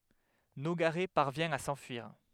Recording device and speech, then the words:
headset microphone, read sentence
Nogaret parvient à s'enfuir.

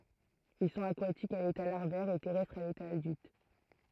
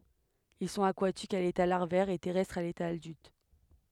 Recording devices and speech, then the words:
throat microphone, headset microphone, read sentence
Ils sont aquatiques à l'état larvaire et terrestres à l'état adulte.

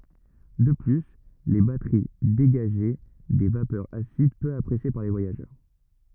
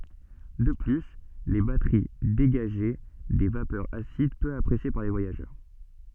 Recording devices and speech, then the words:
rigid in-ear microphone, soft in-ear microphone, read sentence
De plus, les batteries dégageaient des vapeurs acides peu appréciées par les voyageurs...

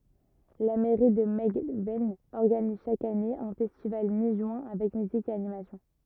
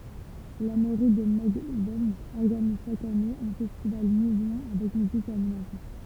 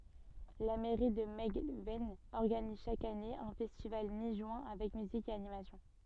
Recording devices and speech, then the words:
rigid in-ear microphone, temple vibration pickup, soft in-ear microphone, read sentence
La mairie de Melgven organise chaque année un festival mi-juin avec musique et animation.

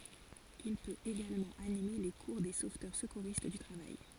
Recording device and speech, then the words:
forehead accelerometer, read sentence
Il peut également animer les cours des sauveteurs secouristes du travail.

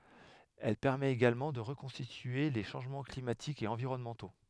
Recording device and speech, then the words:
headset microphone, read sentence
Elle permet également de reconstituer les changements climatiques et environnementaux.

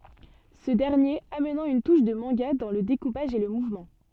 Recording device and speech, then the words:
soft in-ear microphone, read sentence
Ce dernier amenant une touche de manga dans le découpage et le mouvement.

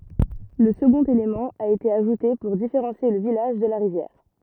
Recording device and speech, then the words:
rigid in-ear microphone, read sentence
Le second élément a été ajouté pour différencier le village de la rivière.

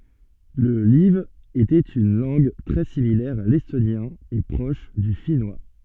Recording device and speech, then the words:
soft in-ear microphone, read sentence
Le live était une langue très similaire à l'estonien et proche du finnois.

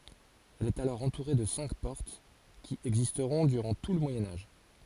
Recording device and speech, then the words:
forehead accelerometer, read sentence
Elle est alors entourée de cinq portes, qui existeront durant tout le Moyen Âge.

